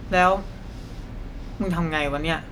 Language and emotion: Thai, neutral